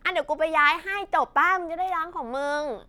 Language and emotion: Thai, frustrated